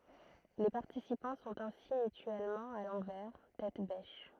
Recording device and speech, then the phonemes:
throat microphone, read sentence
le paʁtisipɑ̃ sɔ̃t ɛ̃si mytyɛlmɑ̃ a lɑ̃vɛʁ tɛt bɛʃ

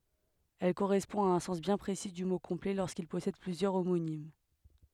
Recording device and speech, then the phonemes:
headset microphone, read sentence
ɛl koʁɛspɔ̃ a œ̃ sɑ̃s bjɛ̃ pʁesi dy mo kɔ̃plɛ loʁskil pɔsɛd plyzjœʁ omonim

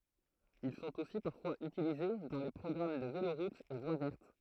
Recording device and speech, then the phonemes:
throat microphone, read sentence
il sɔ̃t osi paʁfwaz ytilize dɑ̃ le pʁɔɡʁam də veloʁutz e vwa vɛʁt

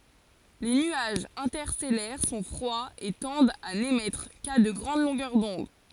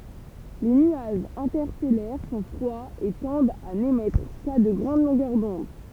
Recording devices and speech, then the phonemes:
forehead accelerometer, temple vibration pickup, read sentence
le nyaʒz ɛ̃tɛʁstɛlɛʁ sɔ̃ fʁwaz e tɑ̃dt a nemɛtʁ ka də ɡʁɑ̃d lɔ̃ɡœʁ dɔ̃d

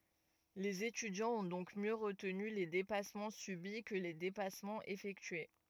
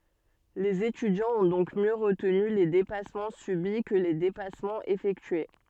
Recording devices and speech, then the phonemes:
rigid in-ear microphone, soft in-ear microphone, read sentence
lez etydjɑ̃z ɔ̃ dɔ̃k mjø ʁətny le depasmɑ̃ sybi kə le depasmɑ̃z efɛktye

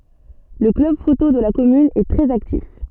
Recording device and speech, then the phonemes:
soft in-ear microphone, read sentence
lə klœb foto də la kɔmyn ɛ tʁɛz aktif

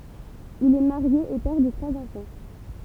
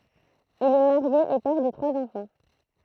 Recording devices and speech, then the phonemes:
temple vibration pickup, throat microphone, read sentence
il ɛ maʁje e pɛʁ də tʁwaz ɑ̃fɑ̃

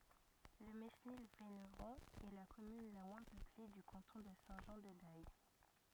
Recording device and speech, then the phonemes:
rigid in-ear microphone, read sentence
lə menil venʁɔ̃ ɛ la kɔmyn la mwɛ̃ pøple dy kɑ̃tɔ̃ də sɛ̃ ʒɑ̃ də dɛj

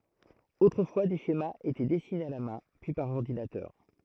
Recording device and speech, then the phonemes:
throat microphone, read sentence
otʁəfwa de ʃemaz etɛ dɛsinez a la mɛ̃ pyi paʁ ɔʁdinatœʁ

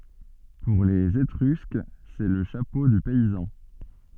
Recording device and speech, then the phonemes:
soft in-ear microphone, read sentence
puʁ lez etʁysk sɛ lə ʃapo dy pɛizɑ̃

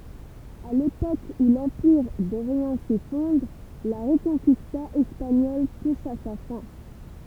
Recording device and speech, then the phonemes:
temple vibration pickup, read sentence
a lepok u lɑ̃piʁ doʁjɑ̃ sefɔ̃dʁ la ʁəkɔ̃kista ɛspaɲɔl tuʃ a sa fɛ̃

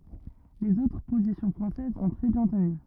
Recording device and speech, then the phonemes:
rigid in-ear microphone, read sentence
lez otʁ pozisjɔ̃ fʁɑ̃sɛzz ɔ̃ tʁɛ bjɛ̃ təny

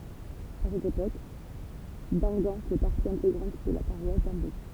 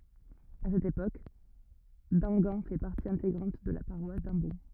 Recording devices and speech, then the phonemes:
temple vibration pickup, rigid in-ear microphone, read sentence
a sɛt epok damɡɑ̃ fɛ paʁti ɛ̃teɡʁɑ̃t də la paʁwas dɑ̃bɔ̃

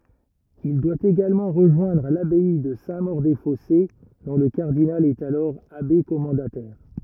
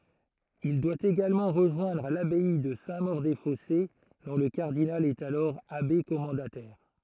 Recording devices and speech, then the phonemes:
rigid in-ear microphone, throat microphone, read sentence
il dwa eɡalmɑ̃ ʁəʒwɛ̃dʁ labɛi də sɛ̃ moʁ de fɔse dɔ̃ lə kaʁdinal ɛt alɔʁ abe kɔmɑ̃datɛʁ

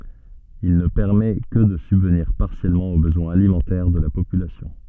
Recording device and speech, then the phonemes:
soft in-ear microphone, read sentence
il nə pɛʁmɛ kə də sybvniʁ paʁsjɛlmɑ̃ o bəzwɛ̃z alimɑ̃tɛʁ də la popylasjɔ̃

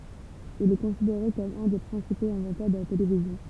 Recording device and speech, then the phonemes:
temple vibration pickup, read sentence
il ɛ kɔ̃sideʁe kɔm œ̃ de pʁɛ̃sipoz ɛ̃vɑ̃tœʁ də la televizjɔ̃

